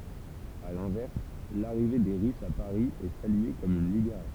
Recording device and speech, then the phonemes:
temple vibration pickup, read sentence
a lɛ̃vɛʁs laʁive de ʁysz a paʁi ɛ salye kɔm yn libeʁasjɔ̃

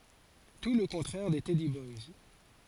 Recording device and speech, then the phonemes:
forehead accelerometer, read sentence
tu lə kɔ̃tʁɛʁ de tɛdi bɔjs

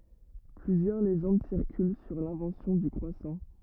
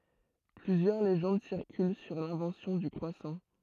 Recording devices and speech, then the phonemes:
rigid in-ear microphone, throat microphone, read sentence
plyzjœʁ leʒɑ̃d siʁkyl syʁ lɛ̃vɑ̃sjɔ̃ dy kʁwasɑ̃

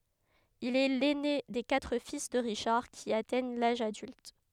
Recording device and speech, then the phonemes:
headset microphone, read sentence
il ɛ lɛne de katʁ fis də ʁiʃaʁ ki atɛɲ laʒ adylt

